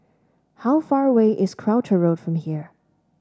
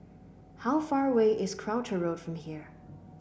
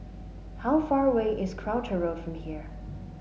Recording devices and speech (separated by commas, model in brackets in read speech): standing microphone (AKG C214), boundary microphone (BM630), mobile phone (Samsung S8), read sentence